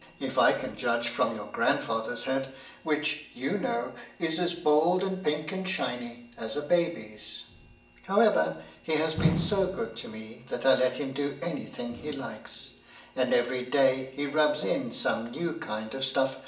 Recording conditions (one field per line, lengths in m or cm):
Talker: one person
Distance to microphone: 1.8 m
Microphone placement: close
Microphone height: 1.0 m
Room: large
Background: none